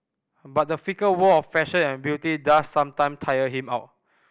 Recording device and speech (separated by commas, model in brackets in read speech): boundary microphone (BM630), read sentence